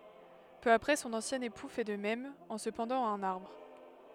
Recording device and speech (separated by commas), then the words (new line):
headset microphone, read sentence
Peu après son ancien époux fait de même, en se pendant à un arbre.